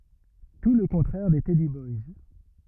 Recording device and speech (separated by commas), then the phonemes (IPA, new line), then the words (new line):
rigid in-ear microphone, read sentence
tu lə kɔ̃tʁɛʁ de tɛdi bɔjs
Tout le contraire des teddy boys.